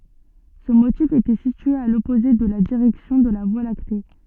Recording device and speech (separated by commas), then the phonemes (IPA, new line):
soft in-ear microphone, read sentence
sə motif etɛ sitye a lɔpoze də la diʁɛksjɔ̃ də la vwa lakte